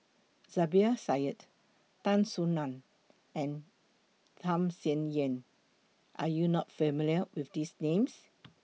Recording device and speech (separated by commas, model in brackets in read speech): mobile phone (iPhone 6), read sentence